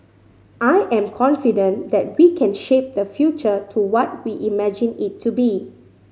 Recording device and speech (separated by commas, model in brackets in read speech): mobile phone (Samsung C5010), read sentence